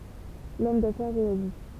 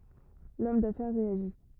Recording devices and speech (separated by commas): temple vibration pickup, rigid in-ear microphone, read sentence